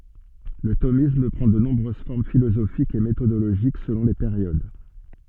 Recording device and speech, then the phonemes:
soft in-ear microphone, read sentence
lə tomism pʁɑ̃ də nɔ̃bʁøz fɔʁm filozofikz e metodoloʒik səlɔ̃ le peʁjod

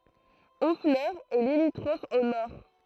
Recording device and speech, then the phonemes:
throat microphone, read sentence
ɔ̃flœʁ ɛ limitʁɔf o nɔʁ

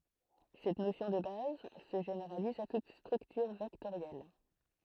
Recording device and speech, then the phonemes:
throat microphone, read sentence
sɛt nosjɔ̃ də baz sə ʒeneʁaliz a tut stʁyktyʁ vɛktoʁjɛl

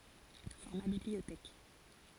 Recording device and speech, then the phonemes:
forehead accelerometer, read sentence
fɔʁma bibliotɛk

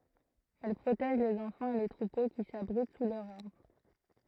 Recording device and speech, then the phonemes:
throat microphone, read sentence
ɛl pʁotɛʒ lez ɑ̃fɑ̃z e le tʁupo ki sabʁit su lœʁz aʁbʁ

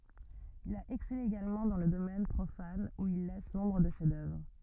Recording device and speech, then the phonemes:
rigid in-ear microphone, read sentence
il a ɛksɛle eɡalmɑ̃ dɑ̃ lə domɛn pʁofan u il lɛs nɔ̃bʁ də ʃɛfzdœvʁ

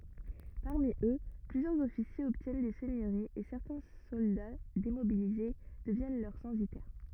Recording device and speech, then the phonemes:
rigid in-ear microphone, read sentence
paʁmi ø plyzjœʁz ɔfisjez ɔbtjɛn de sɛɲøʁiz e sɛʁtɛ̃ sɔlda demobilize dəvjɛn lœʁ sɑ̃sitɛʁ

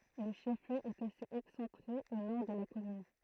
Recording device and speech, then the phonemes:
throat microphone, read sentence
lə ʃɛf ljø ɛt asez ɛksɑ̃tʁe o nɔʁ də la kɔmyn

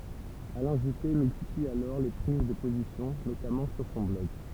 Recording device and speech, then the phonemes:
temple vibration pickup, read sentence
alɛ̃ ʒype myltipli alɔʁ le pʁiz də pozisjɔ̃ notamɑ̃ syʁ sɔ̃ blɔɡ

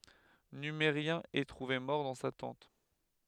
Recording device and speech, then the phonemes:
headset microphone, read sentence
nymeʁjɛ̃ ɛ tʁuve mɔʁ dɑ̃ sa tɑ̃t

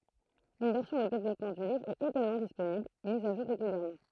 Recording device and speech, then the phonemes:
throat microphone, read sentence
yn vɛʁsjɔ̃ də devlɔpmɑ̃ dy livʁ ɛt eɡalmɑ̃ disponibl miz a ʒuʁ ʁeɡyljɛʁmɑ̃

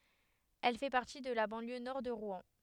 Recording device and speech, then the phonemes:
headset microphone, read sentence
ɛl fɛ paʁti də la bɑ̃ljø nɔʁ də ʁwɛ̃

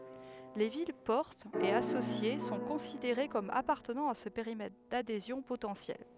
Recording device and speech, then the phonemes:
headset microphone, read sentence
le vilɛspɔʁtz e asosje sɔ̃ kɔ̃sideʁe kɔm apaʁtənɑ̃ a sə peʁimɛtʁ dadezjɔ̃ potɑ̃sjɛl

